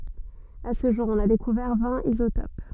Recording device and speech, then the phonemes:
soft in-ear microphone, read sentence
a sə ʒuʁ ɔ̃n a dekuvɛʁ vɛ̃t izotop

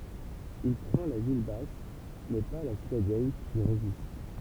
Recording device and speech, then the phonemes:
temple vibration pickup, read sentence
il pʁɑ̃ la vil bas mɛ pa la sitadɛl ki ʁezist

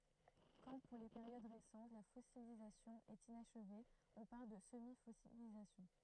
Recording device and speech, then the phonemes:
throat microphone, read sentence
kɑ̃ puʁ le peʁjod ʁesɑ̃t la fɔsilizasjɔ̃ ɛt inaʃve ɔ̃ paʁl də səmifɔsilizasjɔ̃

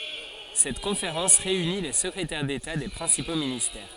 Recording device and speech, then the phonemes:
forehead accelerometer, read sentence
sɛt kɔ̃feʁɑ̃s ʁeyni le səkʁetɛʁ deta de pʁɛ̃sipo ministɛʁ

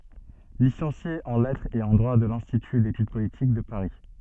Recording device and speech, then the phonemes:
soft in-ear microphone, read sentence
lisɑ̃sje ɑ̃ lɛtʁz e ɑ̃ dʁwa də lɛ̃stity detyd politik də paʁi

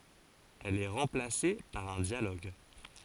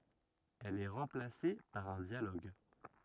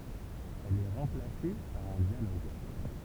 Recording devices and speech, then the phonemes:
forehead accelerometer, rigid in-ear microphone, temple vibration pickup, read sentence
ɛl ɛ ʁɑ̃plase paʁ œ̃ djaloɡ

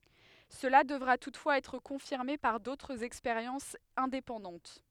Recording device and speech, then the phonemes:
headset microphone, read sentence
səla dəvʁa tutfwaz ɛtʁ kɔ̃fiʁme paʁ dotʁz ɛkspeʁjɑ̃sz ɛ̃depɑ̃dɑ̃t

